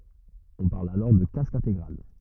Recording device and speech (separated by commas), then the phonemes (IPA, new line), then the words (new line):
rigid in-ear microphone, read sentence
ɔ̃ paʁl alɔʁ də kask ɛ̃teɡʁal
On parle alors de casque intégral.